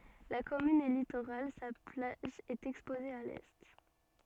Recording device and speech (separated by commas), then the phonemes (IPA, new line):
soft in-ear microphone, read sentence
la kɔmyn ɛ litoʁal sa plaʒ ɛt ɛkspoze a lɛ